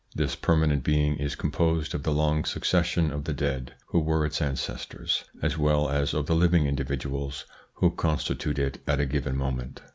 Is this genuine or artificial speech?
genuine